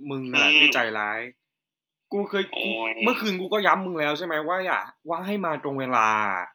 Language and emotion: Thai, frustrated